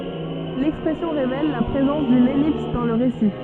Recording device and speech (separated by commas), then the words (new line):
soft in-ear microphone, read sentence
L'expression révèle la présence d'une ellipse dans le récit.